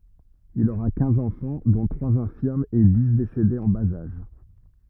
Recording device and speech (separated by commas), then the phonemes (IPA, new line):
rigid in-ear microphone, read sentence
il oʁa kɛ̃z ɑ̃fɑ̃ dɔ̃ tʁwaz ɛ̃fiʁmz e di desedez ɑ̃ baz aʒ